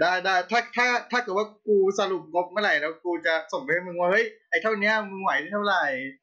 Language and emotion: Thai, happy